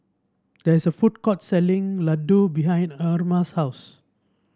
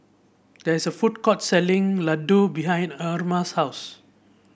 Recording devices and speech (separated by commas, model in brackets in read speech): standing microphone (AKG C214), boundary microphone (BM630), read sentence